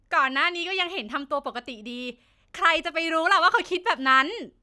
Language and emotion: Thai, happy